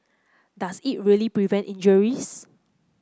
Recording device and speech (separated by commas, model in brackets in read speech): close-talking microphone (WH30), read sentence